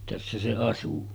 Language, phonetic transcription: Finnish, tässä se 'asu .
- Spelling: tässä se asui

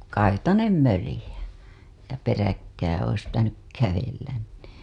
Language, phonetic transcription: Finnish, kaitanem 'mölĭjä , ja peräkkää ois pitänyk kävellän nii .
- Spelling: kaitainen möljä ja peräkkäin olisi pitänyt kävellä niin

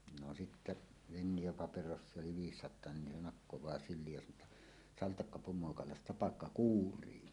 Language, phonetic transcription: Finnish, no 'sittä , "Venniʲa- paperossie 'oli "viissat̆toa nin 'ne 'nakkowaa "syl̆liij ja saǹoo ‿tta , » "saltakka 'pumoakalas"tapakka "kuur̀ii « .
- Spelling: no sitten - Fennia-paperossia oli viisisataa niin ne nakkaa syliin ja sanoo jotta saltakka pumoakalastapakka kuurii

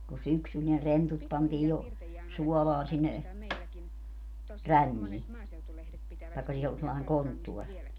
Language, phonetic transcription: Finnish, ko 'syksyl ne 'rentut pantii jo , 'suɔlaan sinne , "rännii , taᵉkka sii ol sellaeŋ 'konttuɔr .
- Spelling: kun syksyllä ne rentut pantiin jo suolaan sinne ränniin tai siinä oli sellainen konttori

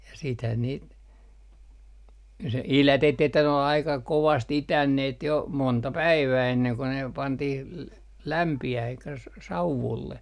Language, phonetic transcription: Finnish, ja siithän niit , se "ilätettii että ne ol aika 'kovast "itänneet jo , 'monta 'päivää enneŋ ko ne , 'pantih , l - 'lämpi₍äh elikkä s - s - "sauvulle .
- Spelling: ja sittenhän niitä se idätettiin että ne oli aika kovasti itäneet jo monta päivää ennen kuin ne pantiin - lämpiämään eli - - sauvulle

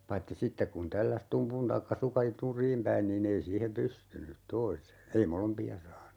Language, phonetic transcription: Finnish, 'paitti "sittek kun 'tälläs "tumpun 'taikka "suka , "nur̀iim päin niin'n ‿ei 'siihem "pystynyt 'toise , 'ei "molompi₍a 'saanu .
- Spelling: paitsi sitten kun tälläsi tumpun tai sukan nurin päin niin ei siihen pystynyt toisen ei molempia saanut

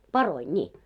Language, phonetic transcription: Finnish, 'paroi 'ńii .
- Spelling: paroja niin

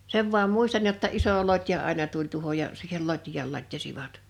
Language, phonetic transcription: Finnish, 'sev vu̬am 'muistan jotta 'iso 'lot́ja 'àena tuĺ 'tu[o]hoj ja , siihel 'lot́j̀aal 'lat́jasivat .
- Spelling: sen vain muistan jotta iso lotja aina tuli tuohon ja siihen lotjaan latjasivat

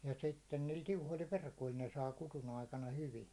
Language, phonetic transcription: Finnish, ja 'sitten niil 'tiuhoⁱl "verkoⁱl ne saa 'kutu'n ‿aikana 'hyvi .
- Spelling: ja sitten niillä tiuhoilla verkoilla ne saa kudun aikana hyvin

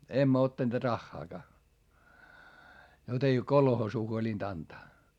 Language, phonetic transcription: Finnish, emmä ottaneet raχχaakaa , jot ‿ei kolhoosuu huolint ‿antaa .
- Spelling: emme ottaneet rahaakaan jota ei kolhoosiin huolinut antaa

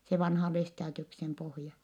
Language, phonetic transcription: Finnish, se vanha Lestaadiuksem pohja .
- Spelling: se vanha Lestadiuksen pohja

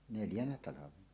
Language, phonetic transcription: Finnish, 'neljänä 'talavena .
- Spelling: neljänä talvena

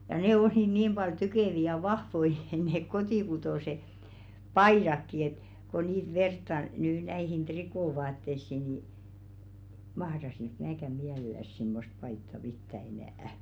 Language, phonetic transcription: Finnish, ja 'nè ol₍i niim ʙal 'ty̜kèvi ja 'vahvoi , neek "kotìkutòse , "paìrakki ‿et , ko niit 'vertta , nyy näihin "trikòvaattessi ni , 'mahrasik 'määkä "miälel̀äs simmost paitta "pittä enä̀' .
- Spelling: ja ne oli niin paljon tykeviä ja vahvoja ne kotikutoiset paidatkin että kun niitä vertaa nyt näihin trikoovaatteisiin niin mahtaisinko minäkään mielellänsä semmoista paitaa pitää enää

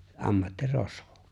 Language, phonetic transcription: Finnish, '’ammatti'rosvᴏ .
- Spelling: ammattirosvo

